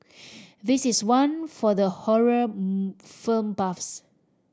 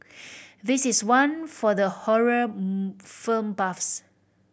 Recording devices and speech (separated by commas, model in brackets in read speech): standing microphone (AKG C214), boundary microphone (BM630), read sentence